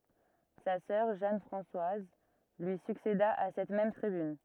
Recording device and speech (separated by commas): rigid in-ear microphone, read sentence